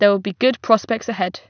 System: none